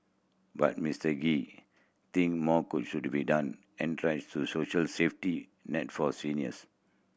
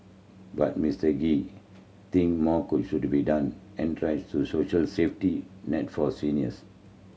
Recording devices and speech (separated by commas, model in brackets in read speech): boundary microphone (BM630), mobile phone (Samsung C7100), read sentence